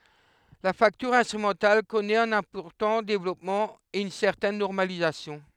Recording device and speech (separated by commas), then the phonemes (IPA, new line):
headset microphone, read sentence
la faktyʁ ɛ̃stʁymɑ̃tal kɔnɛt œ̃n ɛ̃pɔʁtɑ̃ devlɔpmɑ̃ e yn sɛʁtɛn nɔʁmalizasjɔ̃